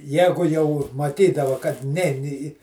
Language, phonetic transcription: Lithuanian, ˈjegu jau maˈtydava kad ˈnein i i

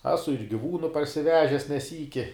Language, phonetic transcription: Lithuanian, ˈesu ir giˈvūnu parsiˈvežes ne ˈsyki

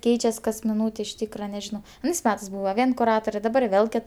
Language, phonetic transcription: Lithuanian, ˈkeičias kas miˈnūtė iš ˈtykra neˈžino aˈnais ˈmetɜs ˈbūva ˈvien kuˈratore daˈbar ˈvėl ˈkit

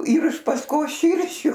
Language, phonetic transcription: Lithuanian, yr iš pasˈkos ˈšyršiu

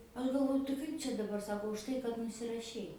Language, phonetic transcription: Lithuanian, ˈaš galˈvoju tai ˈkaip čia daˈbar ˈsako užˈtai kad nusiraˈšei

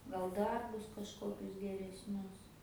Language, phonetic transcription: Lithuanian, gal ˈdarbus kažˈkokius geresˈnius

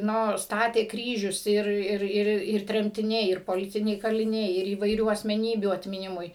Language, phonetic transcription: Lithuanian, ˈno ˈstatė ˈkryžius ˈir ˈir ˈir ir tremtiˈniai ˈir poˈlitiniai kaliˈniai ir įvaiˈrių asmeˈnybių atmiˈnimui

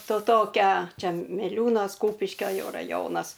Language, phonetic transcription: Lithuanian, to ˈtokia ˈčia miˈliūnos ˈkūpiškio ˈjau raˈjonas

